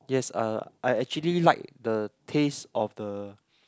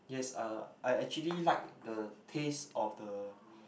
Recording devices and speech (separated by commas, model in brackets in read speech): close-talking microphone, boundary microphone, conversation in the same room